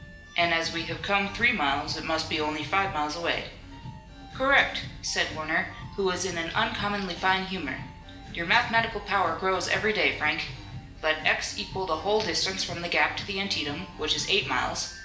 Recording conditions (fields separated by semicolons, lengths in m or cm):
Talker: one person; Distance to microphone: 1.8 m; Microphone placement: close; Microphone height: 1.0 m; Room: large; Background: music